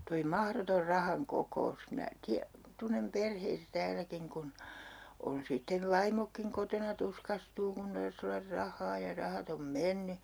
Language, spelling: Finnish, tuo mahdoton rahan kokous minä - tunnen perheitä täälläkin kun on sitten vaimotkin kotona tuskastuu kun tarvitsisi olla rahaa ja rahat on mennyt
- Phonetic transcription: toi "mahrotor 'rahaŋ 'koko₍us minä tiä- , 'tunnem perheitä 'tääläkiŋ kun , on 'sittev̆ 'vaimokkiŋ kotona 'tuskastuu kun 'tars ‿ollar "rahhaa ja 'rahat ‿om "menny .

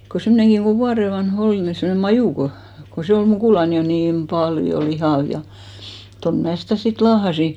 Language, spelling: Finnish, kun semmoinenkin kun vuoden vanha oli niin semmoinen Maju kun kun se oli mukulana jo niin paljon lihava ja ja tuonne minä sitä sitten laahasin
- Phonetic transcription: ko 'semmᵒneŋkiŋ ɢo 'vuare van'h ‿ol , ni semne 'Majù ko , ko 'se ol 'mukùlan jo niim "paljo "lihàv ja , ja 'ton 'mää sitä̀ 'sit 'laahasi .

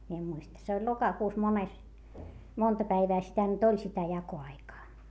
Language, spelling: Finnish, minä en muista se oli lokakuussa mones monta päivää sitä nyt oli sitä jakoaikaa
- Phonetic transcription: mie em muista - se oĺ lokakuus - mones , monta päivää sitä nyt ‿oĺ sitä jako₍aikaa .

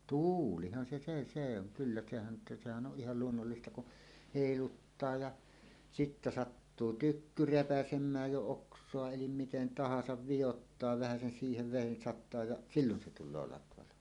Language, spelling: Finnish, tuulihan se se se on kyllä sehän nyt sehän on ihan luonnollista kun heiluttaa ja sitten sattuu tykky repäisemään jo oksaa eli miten tahansa vioittaa vähäsen siihen veden sataa ja silloin se tulee latvalaho
- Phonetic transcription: tuulihan se se 'se ‿oŋ 'kyllä sehän (nyt) 'sehän ˀoˀ 'ˀihal "luonnollista ku , 'hèiluttaa ja , 'sittä "sattuu "tykky "repäsem̆määj jo 'oks̀oa elim miten "tahasav "vijottaa 'vähäsen siihev 'vèin sat̆taa ja "sillon se tul̆loo latvalaho .

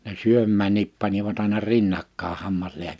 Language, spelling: Finnish, ne syömäänkin panivat aina rinnakkain -
- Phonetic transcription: ne 'syömmäännip panivat àina 'rinnakkaa 'hammasliä- ,.

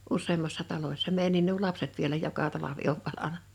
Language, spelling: Finnish, useammassa talossa meidänkin nuo lapset vielä joka talvi on valanut
- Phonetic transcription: 'usseemmassa 'talośsa 'mèi(jä)nniin nuo "lapset 'vielä 'joka 'talavi ov 'valana .

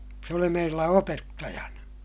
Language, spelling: Finnish, se oli meillä opettajana
- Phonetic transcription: se oli meillä opettajana .

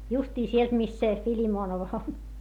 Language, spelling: Finnish, justiin sieltä mistä se Filimonov on
- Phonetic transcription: justii sielt mist se , Filimoonov ‿on .

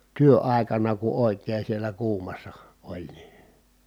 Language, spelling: Finnish, työaikana kun oikein siellä kuumassa oli niin
- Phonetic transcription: työ₍ài̮kana ku òi̮kee sielä kuumassa , oĺ ni .

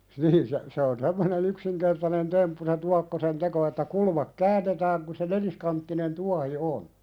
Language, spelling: Finnish, niin se se on semmoinen yksinkertainen temppu se tuokkosen teko että kulma käännetään kun se neliskanttinen tuohi on
- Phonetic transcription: niin se , se on 'semmone"n ‿yksiŋkertanen 'temppu se 'tuakkosen "teko että 'kulmak "käännetääŋ ku se "neliskanttinen 'tuahi 'on .

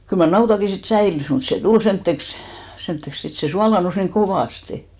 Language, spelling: Finnish, kyllä mar nautakin sitten säilyi mutta se tuli semmoiseksi semmoiseksi sitten se suolaantui niin kovasti
- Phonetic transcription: kyl mar 'nautaki sit 'säilys mut se "tul 'semtteks , semtteks , 'sit se 'sualà-nus niŋ "kovàste .

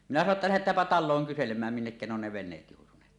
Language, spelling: Finnish, minä sanoin jotta lähdetäänpä taloon kyselemään minnekä ne on ne veneet joutuneet
- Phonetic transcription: 'minä sano ‿tta » "lähet̀äämpä 'tal̆looŋ kyselem̀ääm 'minnekkä ne ‿on ne "ven̆neet jòutuneet « .

